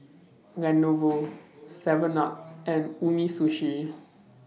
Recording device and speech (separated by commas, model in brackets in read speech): mobile phone (iPhone 6), read sentence